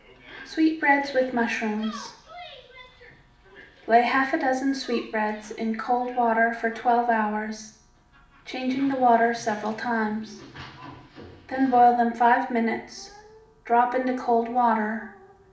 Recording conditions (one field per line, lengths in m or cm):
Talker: one person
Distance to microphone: 2.0 m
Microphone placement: close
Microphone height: 99 cm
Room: medium-sized (5.7 m by 4.0 m)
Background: television